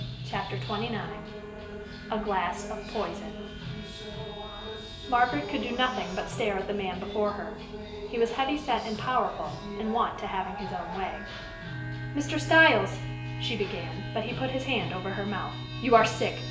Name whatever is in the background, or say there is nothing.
Music.